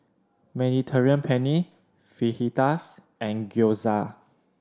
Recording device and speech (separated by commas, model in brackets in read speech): standing microphone (AKG C214), read sentence